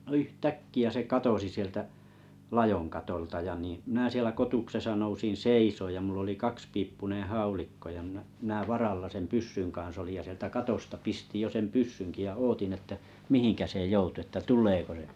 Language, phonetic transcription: Finnish, no yht'täkki₍ä se 'katosi sieltä’ , "lajoŋ katolta ja niⁱ̰ , ja 'minä sielä 'kotuksesa 'nousin "seisooj ja 'mull ‿oli "kakspiippuneḛ "haulikko ja mⁱnᵃ̈ , minä 'varalla sem "pyssyn 'kaa̰s olij ja sieltä 'katosta pistiʲ jo sem pyssynki ja ootin että , 'mihiŋkä se 'joutu että "tul̆leeko se .
- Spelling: no yhtäkkiä se katosi sieltä ladon katolta ja niin ja minä siellä kotuksessa nousin seisomaan ja minulla oli kaksipiippuinen haulikko ja minä minä varalla sen pyssyn kanssa olin ja sieltä katosta pistin jo sen pyssynkin ja odotin että mihinkä se joutui että tuleeko se

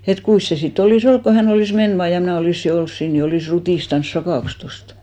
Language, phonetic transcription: Finnish, et "kuis se 'si't ‿olì's ‿olk ko hä'n ‿olìs 'men 'vaa ja 'mnä̀ olìssi 'ols 'siin ni olìs 'rutìstans "sakàks 'tostᴀ .
- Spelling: että kuinkas se sitten olisi ollut kun hän olisi mennyt vain ja minä olisin ollut siinä niin olisi rutistanut sakaksi tuosta

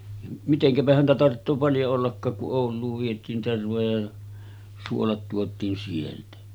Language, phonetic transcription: Finnish, 'miteŋkäpä häntä tarttoo 'paljo ollakkaak kuˀ "ˀ Òul̆luuv viet̀iin 'tervoja ja , 'suolat tuot̀iin sieltä .
- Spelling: mitenkäpä häntä tarvitsee paljon ollakaan kun - Ouluun vietiin tervoja ja suolat tuotiin sieltä

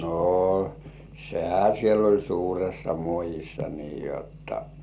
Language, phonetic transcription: Finnish, no , 'sehä siel ‿oĺ "suuressa 'muojissa nii jotta .
- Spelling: no sehän siellä oli suuressa muodissa niin jotta

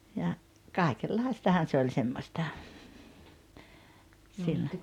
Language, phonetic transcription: Finnish, ja , 'káikel'laistahan 'se oĺ semmosta , 'sillo .
- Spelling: ja kaikenlaistahan se oli semmoista silloin

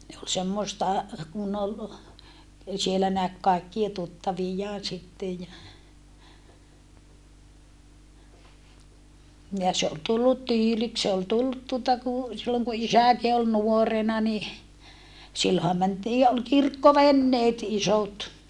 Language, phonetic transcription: Finnish, ne ol semmoᵉsta , kun ol , siellä näk kaikkie tuttavijjaan̬ sittej ja , ja se ol tullut tyyliks se ol tullut tuota ku , silloŋ ku isä̀ki ol nuorena ni , silloha mäntiij ja ol kirkkovenneet isot .
- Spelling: ne oli semmoista kun oli siellä näki kaikkia tuttaviaan sitten ja ja se oli tullut tyyliksi se oli tullut tuota kun silloin kun isäkin oli nuorena niin silloinhan mentiin ja oli kirkkoveneet isot

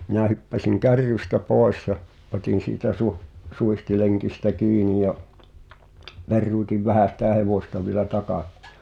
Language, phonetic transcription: Finnish, 'minä̀ hyppäsiŋ "kärrystä 'pòes ja , '’otin̬ siitä suh- , 'suihtileŋkistä "kiini ja , 'perruutiv 'vähä̀ sitä 'hevòsta vielä "taka- ,.
- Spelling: minä hyppäsin kärrystä pois ja otin siitä - suitsilenkistä kiinni ja peruutin vähän sitä hevosta vielä -

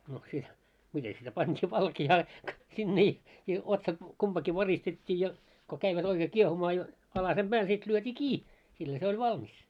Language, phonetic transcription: Finnish, no sit , mite sitä 'pant́ii 'valki₍aa , sinne i , i otsat , 'kumpaki 'varistet́t́ii ja , ko käivät ‿oikee 'kiehumaa jo , alasem 'ʙääl sit lyöt́ii "kii , sillä se oĺ "valmis .
- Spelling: no sitten miten sitä pantiin valkeaa sinne - - otsat kumpikin varistettiin ja kun kävivät oikein kiehumaan jo alasen päällä sitten lyötiin kiinni sillä se oli valmis

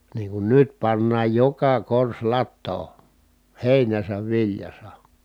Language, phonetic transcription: Finnish, niiŋ kun nyt pannaaj joka kors lattoo , hèinäsäv viljasa .
- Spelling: niin kuin nyt pannaan joka korsi latoon heinässä viljassa

